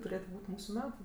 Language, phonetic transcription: Lithuanian, tuˈrėtu ˈbūt' ˈmūsu ˈmetu

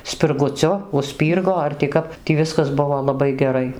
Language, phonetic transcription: Lithuanian, spirguˈciu užˈspyrgo ar ti ˈkap tį ˈviskas ˈbuvo laˈbai geˈrai

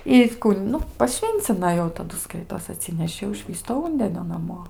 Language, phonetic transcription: Lithuanian, i ˈkų ˈnu paˈšvyncina ˈjau taˈdu ˈskaitos aˈtsineši jau ˈšvįsto ˈūndenio naˈmo

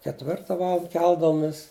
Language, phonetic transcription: Lithuanian, ketˈvirta ˈvaland ˈkeldavomis

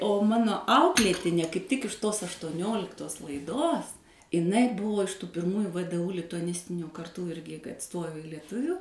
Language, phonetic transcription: Lithuanian, o ˈmano ˈauklėtinė kaip ˈtik iš tos aštuoˈnioliktos laiˈdos iˈnai ˈbuvo iš tų pirˈmųju vdu lituaˈnistinio karˈtų ˈirgi kad ˈstojo i lieˈtuviu

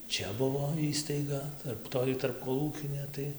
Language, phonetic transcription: Lithuanian, ˈčia ˈbuvo ˈįstaiga ˈtarp ˈtoj tarpkoˈlūkinė ˈtai

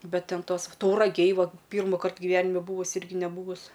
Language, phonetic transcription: Lithuanian, ˈbet ˈten ˈtos tauraˈgėj ˈvuo ˈpyrmukart giˈvenime ˈbūvus' ˈirgi neˈbūvus

